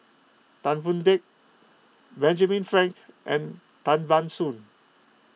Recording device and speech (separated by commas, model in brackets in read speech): mobile phone (iPhone 6), read sentence